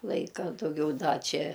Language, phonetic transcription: Lithuanian, ˈlaika dauˈgiau ˈda ˈčia

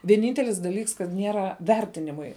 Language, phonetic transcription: Lithuanian, vieˈnyntelis daˈlyks kad ˈniera ˈvertinimui

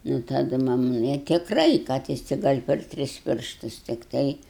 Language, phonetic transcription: Lithuanian, nu taˈdu ˈmam i tikˈrai kad ˈjis ti ˈgal' per ˈtris ˈpirštus tikˈtai

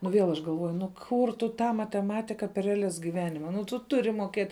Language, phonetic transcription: Lithuanian, nu viel aš galˈvuoju nu ˈkur tu ˈtą mateˈmatika per reaˈlias giˈvenima nu tu ˈturi moˈkėt'

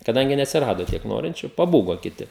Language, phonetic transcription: Lithuanian, kaˈdangi neatsiˈrado ˈtiek ˈnorinčiu paˈbūgo kiˈti

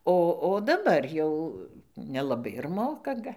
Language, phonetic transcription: Lithuanian, ˈo o daˈbar jau nelaˈbai ir ˈmoka ˈga

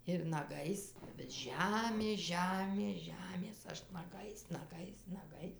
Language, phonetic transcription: Lithuanian, ir naˈgais bet ˈžemės ˈžemės ˈžemės ˈaš naˈgais naˈgais naˈgais

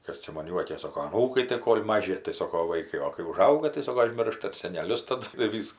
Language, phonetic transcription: Lithuanian, ˈkas čia man ˈjuokės ˈsoko aˈnūkai tai ˈkol' ˈmaži tai ˈsoko ˈvaikai o kai uˈžauga tai ˈsoko aˈžmirša ir seneˈlius taˈdu ir ˈvysku

